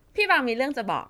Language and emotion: Thai, happy